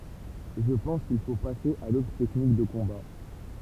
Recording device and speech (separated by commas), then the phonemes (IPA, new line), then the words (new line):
temple vibration pickup, read sentence
ʒə pɑ̃s kil fo pase a dotʁ tɛknik də kɔ̃ba
Je pense qu'il faut passer à d'autres techniques de combat.